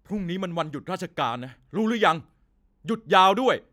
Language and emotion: Thai, frustrated